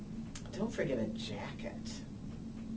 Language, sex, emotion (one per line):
English
female
disgusted